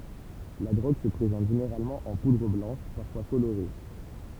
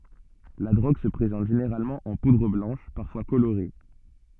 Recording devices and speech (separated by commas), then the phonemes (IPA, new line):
temple vibration pickup, soft in-ear microphone, read sentence
la dʁoɡ sə pʁezɑ̃t ʒeneʁalmɑ̃ ɑ̃ pudʁ blɑ̃ʃ paʁfwa koloʁe